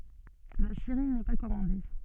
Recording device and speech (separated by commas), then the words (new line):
soft in-ear microphone, read sentence
La série n'est pas commandée.